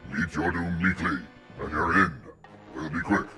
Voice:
monster voice